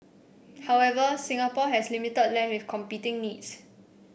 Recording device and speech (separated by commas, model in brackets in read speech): boundary microphone (BM630), read sentence